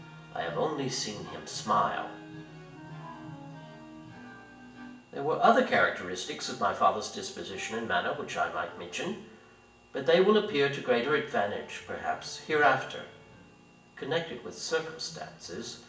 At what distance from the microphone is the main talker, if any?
1.8 m.